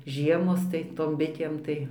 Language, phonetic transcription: Lithuanian, ˈžiemos tai ˈtom ˈbitėm tai

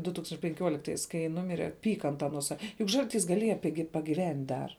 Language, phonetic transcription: Lithuanian, du ˈtūkstanč' penˈkiuoliktais kai ˈnumire ˈpyka ant aˈnuo ˈsa juk ˈžalˌtys gaˈlieja ˈpigi pagiˈvent' dar

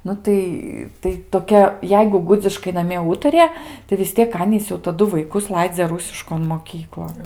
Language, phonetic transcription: Lithuanian, ˈnu tai tai toˈkia ˈjeigu ˈgudziškai naˈmie ˈūtarija tai vis ˈtiek ˈanys jau taˈdu vaiˈkus ˈlaidzia ˈrusiškon moˈkyklon

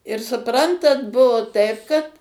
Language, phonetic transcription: Lithuanian, ir suˈprantat ˈbuvo ˈtaip kad

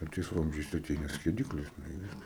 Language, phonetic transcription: Lithuanian, i ˈtais ˈvamzdžiais aˈteina skieˈdiklis nu i ˈviskas

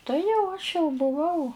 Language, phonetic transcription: Lithuanian, ˈtai jau aš jau buˈvau

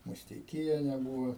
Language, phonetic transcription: Lithuanian, musteiˈkiene ˈbūva

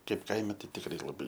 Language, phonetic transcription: Lithuanian, ˈkaip ˈkaime ˈtai tikˈrai laˈbai

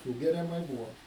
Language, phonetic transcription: Lithuanian, ˈsūgeriamai ˈbūvo

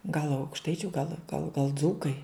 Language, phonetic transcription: Lithuanian, gal aukšˈtaičiu gal gal gal ˈdzūkai

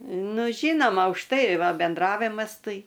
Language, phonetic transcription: Lithuanian, ˈnu ˈžynoma už ˈtai ˈva benˈdravimas ˈtai

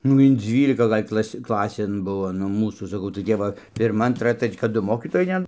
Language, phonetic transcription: Lithuanian, nu in ˈdzvylika ˈgal' ˈklas' ˈklasėn ˈbuvo nu ˈmūsų saˈkau tai ˈtep va pirˈma anˈtra ˈtreč' kad ˈdu ˈmokytojai ˈten

